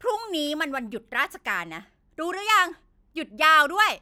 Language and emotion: Thai, angry